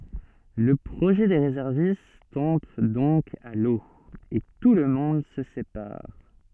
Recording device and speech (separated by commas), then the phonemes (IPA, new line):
soft in-ear microphone, read sentence
lə pʁoʒɛ de ʁezɛʁvist tɔ̃b dɔ̃k a lo e tulmɔ̃d sə sepaʁ